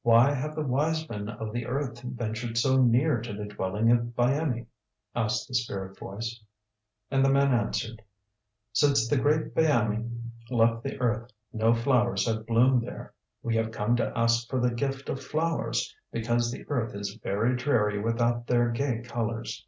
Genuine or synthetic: genuine